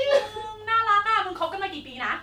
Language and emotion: Thai, happy